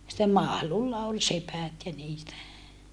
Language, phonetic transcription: Finnish, sittem Mahlulla ol sepät ja niitä .
- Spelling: sitten Mahlulla oli sepät ja niitä

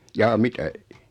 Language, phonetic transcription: Finnish, 'jaa "mitä ?
- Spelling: jaa mitä

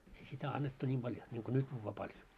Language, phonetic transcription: Finnish, ei sitä 'annettu 'ńim ʙaljo , niŋko "nyt juuvvaa 'paljo .
- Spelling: ei sitä annettu niin paljon niin kuin nyt juodaan paljon

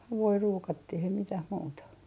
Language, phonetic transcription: Finnish, 'havui 'ruukattih ei 'mitäh muuta .
- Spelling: havuja ruukattiin ei mitään muuta

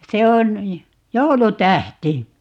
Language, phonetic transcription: Finnish, 'se on , "joulu'tähti .
- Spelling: se on joulutähti

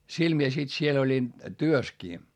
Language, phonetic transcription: Finnish, sil mie sit siel ‿oĺin , työskii .
- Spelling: sillä minä sitten siellä olin työssäkin

